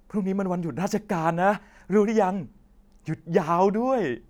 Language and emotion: Thai, happy